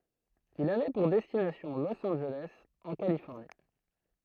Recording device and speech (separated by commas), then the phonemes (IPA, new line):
throat microphone, read sentence
il avɛ puʁ dɛstinasjɔ̃ los ɑ̃nʒelɛs ɑ̃ kalifɔʁni